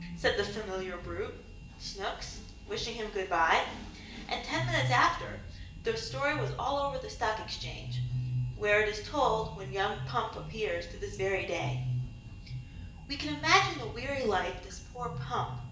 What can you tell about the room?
A big room.